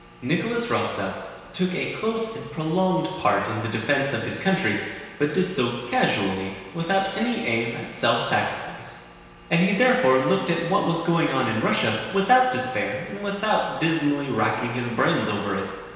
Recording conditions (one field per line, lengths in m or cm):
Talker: one person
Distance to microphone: 1.7 m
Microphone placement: close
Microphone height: 1.0 m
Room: very reverberant, large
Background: none